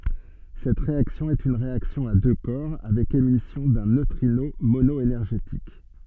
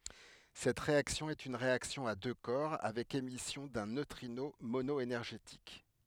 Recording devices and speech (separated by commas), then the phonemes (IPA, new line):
soft in-ear microphone, headset microphone, read sentence
sɛt ʁeaksjɔ̃ ɛt yn ʁeaksjɔ̃ a dø kɔʁ avɛk emisjɔ̃ dœ̃ nøtʁino monɔenɛʁʒetik